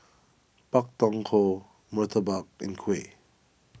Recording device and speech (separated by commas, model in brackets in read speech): boundary microphone (BM630), read sentence